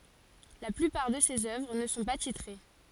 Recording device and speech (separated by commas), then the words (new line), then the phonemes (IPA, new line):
forehead accelerometer, read sentence
La plupart de ses œuvres ne sont pas titrées.
la plypaʁ də sez œvʁ nə sɔ̃ pa titʁe